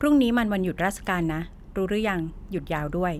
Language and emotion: Thai, neutral